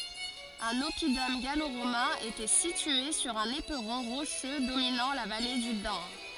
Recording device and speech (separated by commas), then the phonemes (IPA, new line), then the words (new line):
forehead accelerometer, read sentence
œ̃n ɔpidɔm ɡalo ʁomɛ̃ etɛ sitye syʁ œ̃n epʁɔ̃ ʁoʃø dominɑ̃ la vale dy dan
Un oppidum gallo-romain était situé sur un éperon rocheux dominant la vallée du Dan.